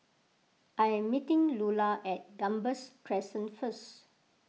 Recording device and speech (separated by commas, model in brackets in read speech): mobile phone (iPhone 6), read sentence